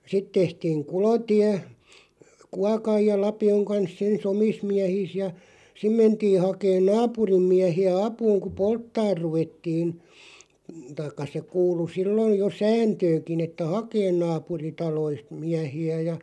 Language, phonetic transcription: Finnish, 'sit 'tehtiiŋ "kulotiä , 'kuakaj ja 'lapi₍oŋ 'kans'ˢ ‿ens "omis 'miähiis ja , 'sim 'mentii 'hakeen "naapurim 'miähi₍ä "apuuŋ ku "polttaar 'ruvettiin , taⁱkka se 'kuulu 'sillon̬ jo "sääntöö(ŋ)kin ‿että "hakeen 'naapuritaloist 'miähi₍ä ja ,.
- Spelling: sitten tehtiin kulotie kuokan ja lapion kanssa ensin omissa miehissä ja sinne mentiin hakemaan naapurin miehiä apuun kun polttamaan ruvettiin tai se kuului silloin jo sääntöönkin että hakemaan naapuritaloista miehiä ja

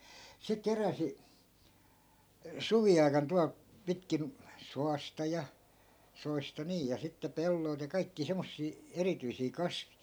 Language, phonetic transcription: Finnish, 'se 'keräsi , "suvi₍ai̮kan tualᵗ , 'pitkin , 'soasta ja , 'soista "niij ja sitte 'pelloi̮lᵗ ja kaikkii 'semmossii , "erityisii "kasvI .
- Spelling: se keräsi suviaikana tuolta pitkin suosta ja soista niin ja sitten pelloilta ja kaikkia semmoisia erityisiä kasveja

